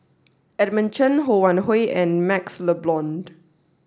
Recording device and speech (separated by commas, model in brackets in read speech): standing microphone (AKG C214), read sentence